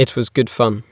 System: none